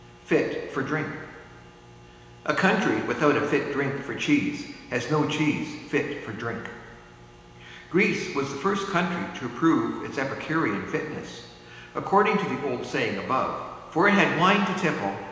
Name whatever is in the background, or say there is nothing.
Nothing.